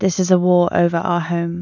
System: none